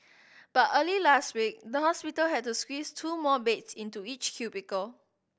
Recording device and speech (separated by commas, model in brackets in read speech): boundary microphone (BM630), read sentence